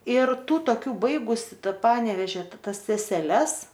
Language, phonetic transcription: Lithuanian, ir ˈtų toˈkių ˈbaigusi ˈtą ˈpanevežia ˈtas seseˈles

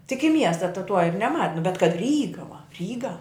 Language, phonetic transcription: Lithuanian, tik i ˈmiesta ta tuo ir neˈma nu bet kad ˈryga va ˈryga

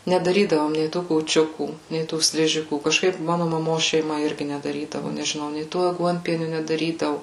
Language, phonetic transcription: Lithuanian, nedaˈrydavom nei ˈtų kūˈčiukų nei ˈtų ˈsližikų kažˈkaip ˈmanu maˈmos šeiˈma ˈirgi nedaˈrydavu nežiˈnau nei ˈto aˈguonpieniu nedaˈrydavu

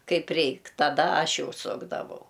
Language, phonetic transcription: Lithuanian, ˈkaip ˈreik taˈda ˈaš ˈjau ˈsukdavau

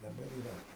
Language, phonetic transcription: Lithuanian, daˈbar yˈra

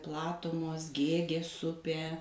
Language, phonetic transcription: Lithuanian, ˈplatumos ˈgėgės ˈupė

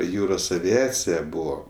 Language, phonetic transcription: Lithuanian, ˈjūros aviˈacija ˈbuvo

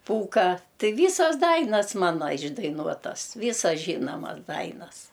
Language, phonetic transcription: Lithuanian, ˈpūką ˈtɨ ˈvysas ˈdainas ˈmana išdaiˈnuotas ˈvysas ˈžynomas ˈdainas

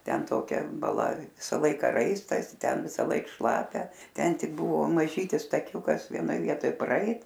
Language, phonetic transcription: Lithuanian, ˈten toˈkia baˈla ˈvisa ˈlaika ˈraistas ˈten visaˈlaik ˈšlapia ˈten ˈtik ˈbuvo maˈžytis taˈkiūkas vieˈnoj ˈvietoj praˈeit

